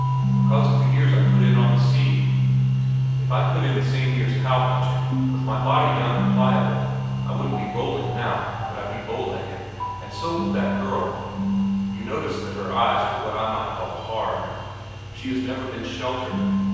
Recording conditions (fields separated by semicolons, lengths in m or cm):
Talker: one person; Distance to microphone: 7.1 m; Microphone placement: far; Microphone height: 1.7 m; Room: very reverberant, large; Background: music